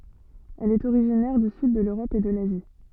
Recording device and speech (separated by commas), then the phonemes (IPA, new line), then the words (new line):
soft in-ear microphone, read sentence
ɛl ɛt oʁiʒinɛʁ dy syd də løʁɔp e də lazi
Elle est originaire du sud de l'Europe et de l'Asie.